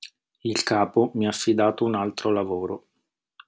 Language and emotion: Italian, neutral